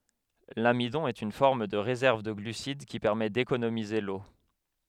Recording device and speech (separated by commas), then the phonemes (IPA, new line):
headset microphone, read sentence
lamidɔ̃ ɛt yn fɔʁm də ʁezɛʁv də ɡlysid ki pɛʁmɛ dekonomize lo